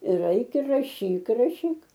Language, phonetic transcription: Lithuanian, ir raiˈkia raˈšyk raˈšyk

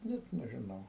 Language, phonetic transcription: Lithuanian, ˈnet nežiˈnau

